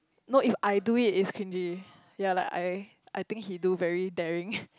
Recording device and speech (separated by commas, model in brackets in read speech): close-talking microphone, conversation in the same room